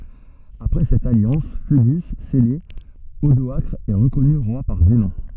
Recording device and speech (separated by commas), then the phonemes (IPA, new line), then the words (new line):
soft in-ear microphone, read sentence
apʁɛ sɛt aljɑ̃s foədy sɛle odɔakʁ ɛ ʁəkɔny ʁwa paʁ zənɔ̃
Après cette alliance – fœdus – scellée, Odoacre est reconnu roi par Zenon.